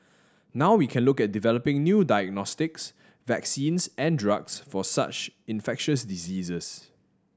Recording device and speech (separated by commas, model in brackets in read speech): standing microphone (AKG C214), read sentence